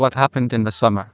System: TTS, neural waveform model